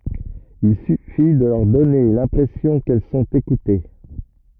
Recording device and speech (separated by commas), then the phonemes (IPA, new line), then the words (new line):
rigid in-ear microphone, read sentence
il syfi də lœʁ dɔne lɛ̃pʁɛsjɔ̃ kɛl sɔ̃t ekute
Il suffit de leur donner l’impression qu’elles sont écoutées.